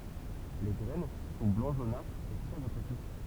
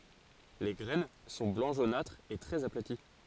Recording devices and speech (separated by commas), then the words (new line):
temple vibration pickup, forehead accelerometer, read sentence
Les graines sont blanc jaunâtre et très aplaties.